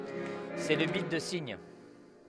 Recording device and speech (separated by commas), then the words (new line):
headset microphone, read sentence
C'est le bit de signe.